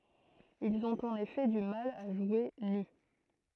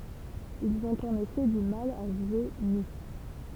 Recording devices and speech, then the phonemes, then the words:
throat microphone, temple vibration pickup, read sentence
ilz ɔ̃t ɑ̃n efɛ dy mal a ʒwe ny
Ils ont en effet du mal à jouer nus.

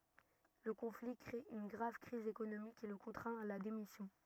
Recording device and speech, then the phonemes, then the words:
rigid in-ear microphone, read sentence
lə kɔ̃fli kʁe yn ɡʁav kʁiz ekonomik ki lə kɔ̃tʁɛ̃t a la demisjɔ̃
Le conflit crée une grave crise économique qui le contraint à la démission.

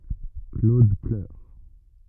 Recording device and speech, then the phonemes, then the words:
rigid in-ear microphone, read sentence
klod plœʁ
Claude pleure.

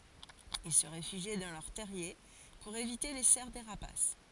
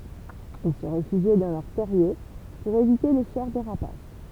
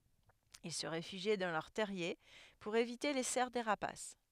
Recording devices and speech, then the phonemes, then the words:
forehead accelerometer, temple vibration pickup, headset microphone, read sentence
il sə ʁefyʒi dɑ̃ lœʁ tɛʁje puʁ evite le sɛʁ de ʁapas
Ils se réfugient dans leur terrier pour éviter les serres des rapaces.

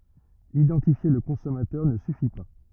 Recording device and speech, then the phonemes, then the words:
rigid in-ear microphone, read sentence
idɑ̃tifje lə kɔ̃sɔmatœʁ nə syfi pa
Identifier le consommateur ne suffit pas.

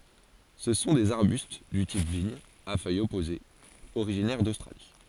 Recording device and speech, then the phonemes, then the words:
forehead accelerometer, read sentence
sə sɔ̃ dez aʁbyst dy tip viɲ a fœjz ɔpozez oʁiʒinɛʁ dostʁali
Ce sont des arbustes du type vigne, à feuilles opposées, originaires d'Australie.

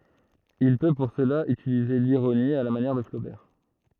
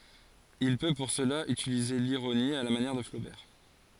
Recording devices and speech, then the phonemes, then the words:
throat microphone, forehead accelerometer, read sentence
il pø puʁ səla ytilize liʁoni a la manjɛʁ də flobɛʁ
Il peut pour cela utiliser l'ironie, à la manière de Flaubert.

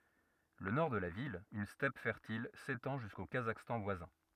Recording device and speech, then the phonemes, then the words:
rigid in-ear microphone, read sentence
lə nɔʁ də la vil yn stɛp fɛʁtil setɑ̃ ʒysko kazakstɑ̃ vwazɛ̃
Le Nord de la ville, une steppe fertile, s'étend jusqu'au Kazakhstan voisin.

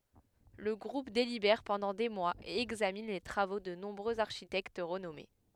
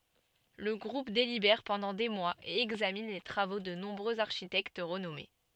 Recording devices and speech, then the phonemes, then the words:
headset microphone, soft in-ear microphone, read sentence
lə ɡʁup delibɛʁ pɑ̃dɑ̃ de mwaz e ɛɡzamin le tʁavo də nɔ̃bʁøz aʁʃitɛkt ʁənɔme
Le groupe délibère pendant des mois et examine les travaux de nombreux architectes renommés.

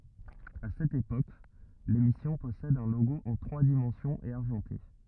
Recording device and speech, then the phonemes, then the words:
rigid in-ear microphone, read sentence
a sɛt epok lemisjɔ̃ pɔsɛd œ̃ loɡo ɑ̃ tʁwa dimɑ̃sjɔ̃z e aʁʒɑ̃te
À cette époque, l'émission possède un logo en trois dimensions et argenté.

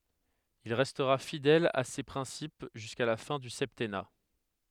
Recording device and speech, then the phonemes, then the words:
headset microphone, read sentence
il ʁɛstʁa fidɛl a se pʁɛ̃sip ʒyska la fɛ̃ dy sɛptɛna
Il restera fidèle à ces principes jusqu'à la fin du septennat.

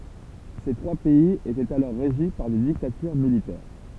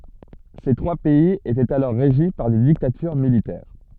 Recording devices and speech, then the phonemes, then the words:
temple vibration pickup, soft in-ear microphone, read sentence
se tʁwa pɛiz etɛt alɔʁ ʁeʒi paʁ de diktatyʁ militɛʁ
Ces trois pays étaient alors régis par des dictatures militaires.

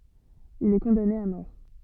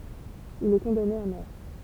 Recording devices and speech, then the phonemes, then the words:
soft in-ear microphone, temple vibration pickup, read sentence
il ɛ kɔ̃dane a mɔʁ
Il est condamné à mort.

